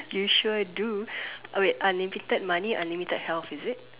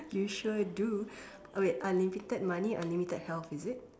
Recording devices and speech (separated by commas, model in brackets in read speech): telephone, standing microphone, conversation in separate rooms